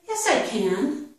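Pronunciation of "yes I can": In 'yes I can', 'can' is emphasized and has the full vowel sound. It is not reduced.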